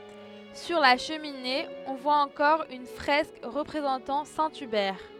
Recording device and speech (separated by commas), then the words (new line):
headset microphone, read sentence
Sur la cheminée, on voit encore une fresque représentant saint Hubert.